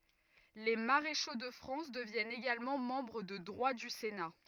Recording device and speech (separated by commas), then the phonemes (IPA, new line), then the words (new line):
rigid in-ear microphone, read sentence
le maʁeʃo də fʁɑ̃s dəvjɛnt eɡalmɑ̃ mɑ̃bʁ də dʁwa dy sena
Les maréchaux de France deviennent également membres de droit du Sénat.